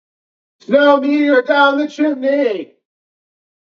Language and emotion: English, neutral